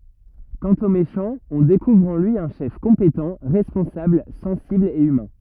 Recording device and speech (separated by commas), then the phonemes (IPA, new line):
rigid in-ear microphone, read sentence
kɑ̃t o meʃɑ̃ ɔ̃ dekuvʁ ɑ̃ lyi œ̃ ʃɛf kɔ̃petɑ̃ ʁɛspɔ̃sabl sɑ̃sibl e ymɛ̃